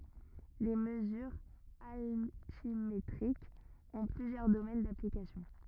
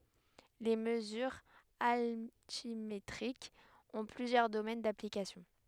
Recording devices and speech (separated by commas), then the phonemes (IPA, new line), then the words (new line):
rigid in-ear microphone, headset microphone, read sentence
le məzyʁz altimetʁikz ɔ̃ plyzjœʁ domɛn daplikasjɔ̃
Les mesures altimétriques ont plusieurs domaines d'application.